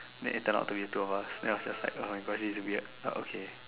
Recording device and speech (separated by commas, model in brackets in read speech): telephone, conversation in separate rooms